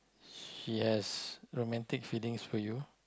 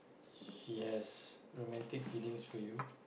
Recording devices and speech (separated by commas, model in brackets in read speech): close-talking microphone, boundary microphone, conversation in the same room